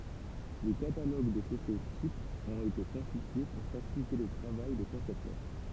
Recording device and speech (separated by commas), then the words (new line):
temple vibration pickup, read sentence
Des catalogues de chaussées types ont été constitués pour faciliter le travail des concepteurs.